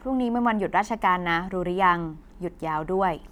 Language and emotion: Thai, neutral